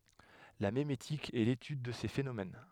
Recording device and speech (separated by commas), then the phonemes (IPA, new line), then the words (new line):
headset microphone, read sentence
la memetik ɛ letyd də se fenomɛn
La mémétique est l'étude de ces phénomènes.